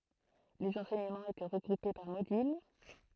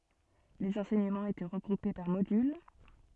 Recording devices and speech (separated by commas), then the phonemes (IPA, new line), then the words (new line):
throat microphone, soft in-ear microphone, read sentence
lez ɑ̃sɛɲəmɑ̃z etɛ ʁəɡʁupe paʁ modyl
Les enseignements étaient regroupés par modules.